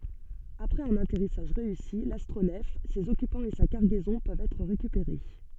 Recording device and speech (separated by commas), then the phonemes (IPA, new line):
soft in-ear microphone, read sentence
apʁɛz œ̃n atɛʁisaʒ ʁeysi lastʁonɛf sez ɔkypɑ̃z e sa kaʁɡɛzɔ̃ pøvt ɛtʁ ʁekypeʁe